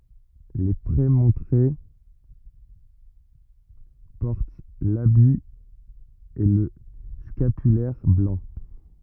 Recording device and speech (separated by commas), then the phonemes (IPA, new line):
rigid in-ear microphone, read sentence
le pʁemɔ̃tʁe pɔʁt labi e lə skapylɛʁ blɑ̃